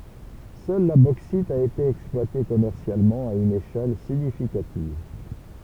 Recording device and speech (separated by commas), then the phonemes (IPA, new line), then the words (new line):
temple vibration pickup, read sentence
sœl la boksit a ete ɛksplwate kɔmɛʁsjalmɑ̃ a yn eʃɛl siɲifikativ
Seule la bauxite a été exploitée commercialement à une échelle significative.